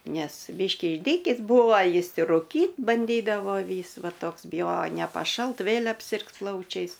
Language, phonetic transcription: Lithuanian, ˈnes ˈbyškį išˈdykįs ˈbūva ˈjis ir ruˈkyt banˈdydavo ˈvys ˈva ˈtoks biˈjojo nepaˈšalt ˈvėl' apˈsirgs ˈplaučiais

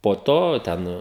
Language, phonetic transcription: Lithuanian, po ˈto ˈten

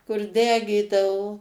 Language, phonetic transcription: Lithuanian, kur ˈdegydavo

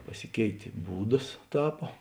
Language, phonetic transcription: Lithuanian, paˈsikeitė ˈbūdas ˈtapo

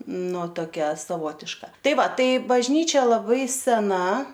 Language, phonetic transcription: Lithuanian, ˈnu toˈkia saˈvotiška ˈtai ˈva ˈtai bažˈnyčia laˈbai seˈna

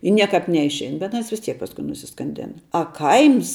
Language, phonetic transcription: Lithuanian, i ˈniekāp neišˈein bet aˈnas vis ˈtiek pasˈkui nusiskanˈdėna a ˈkaims

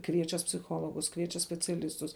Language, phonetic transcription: Lithuanian, ˈkviečias psiˈchologus ˈkviečias speciaˈlistus

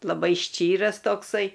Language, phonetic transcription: Lithuanian, laˈbai ˈščyras tokˈsai

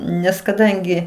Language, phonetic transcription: Lithuanian, nes kaˈdangi

